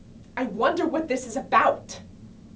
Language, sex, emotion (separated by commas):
English, female, fearful